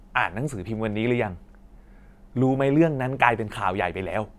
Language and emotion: Thai, neutral